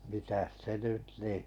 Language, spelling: Finnish, mitäs se nyt niin
- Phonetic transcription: mitäs 'se 'nyt nì ,.

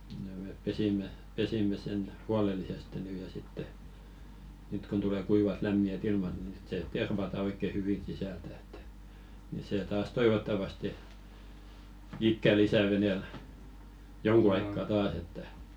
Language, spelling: Finnish, ja me pesimme pesimme sen huolellisesti nyt ja sitten nyt kun tulee kuivat lämpimät ilmat niin sitten se tervataan oikein hyvin sisältä että niin se taas toivottavasti ikää lisää veneellä jonkun aikaa taas että
- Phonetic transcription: ja mèp 'pesim̀e , 'pesimme sen "hualelliseste 'nyy ja sitte , nyt kun tule 'kuivat 'lämmi₍ä"t ‿ilmat ni sit se "tervata 'oikke 'hyvi sisältᴀ̈ ᴇttᴀ̈ , ni 'see 'taas "toivottavaste , 'ikkä 'lisä̀ 'venèl , 'joŋku aikka 'taas ‿että .

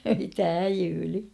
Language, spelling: Finnish, mitähän häijyili
- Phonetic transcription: mithä "häjyli !

